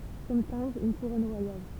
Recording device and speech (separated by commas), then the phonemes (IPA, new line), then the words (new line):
temple vibration pickup, read sentence
kɔm tɛ̃bʁ yn kuʁɔn ʁwajal
Comme timbre, une couronne royale.